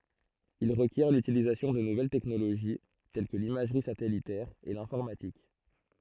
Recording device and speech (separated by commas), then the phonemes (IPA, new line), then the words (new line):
throat microphone, read sentence
il ʁəkjɛʁ lytilizasjɔ̃ də nuvɛl tɛknoloʒi tɛl kə limaʒʁi satɛlitɛʁ e lɛ̃fɔʁmatik
Il requiert l’utilisation de nouvelles technologies, telles que l’imagerie satellitaire et l'informatique.